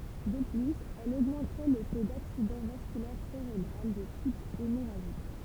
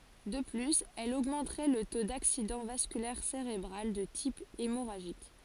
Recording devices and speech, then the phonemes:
temple vibration pickup, forehead accelerometer, read sentence
də plyz ɛl oɡmɑ̃tʁɛ lə to daksidɑ̃ vaskylɛʁ seʁebʁal də tip emoʁaʒik

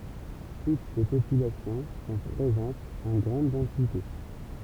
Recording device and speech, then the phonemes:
temple vibration pickup, read sentence
tut se popylasjɔ̃ sɔ̃ pʁezɑ̃tz ɑ̃ ɡʁɑ̃d dɑ̃site

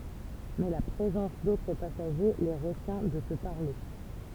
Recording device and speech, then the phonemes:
temple vibration pickup, read sentence
mɛ la pʁezɑ̃s dotʁ pasaʒe le ʁətjɛ̃ də sə paʁle

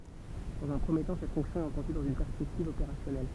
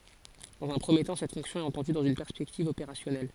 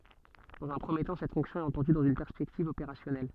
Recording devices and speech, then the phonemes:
temple vibration pickup, forehead accelerometer, soft in-ear microphone, read sentence
dɑ̃z œ̃ pʁəmje tɑ̃ sɛt fɔ̃ksjɔ̃ ɛt ɑ̃tɑ̃dy dɑ̃z yn pɛʁspɛktiv opeʁasjɔnɛl

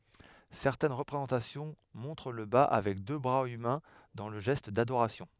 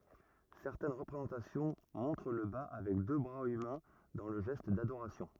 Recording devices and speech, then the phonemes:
headset microphone, rigid in-ear microphone, read sentence
sɛʁtɛn ʁəpʁezɑ̃tasjɔ̃ mɔ̃tʁ lə ba avɛk dø bʁaz ymɛ̃ dɑ̃ lə ʒɛst dadoʁasjɔ̃

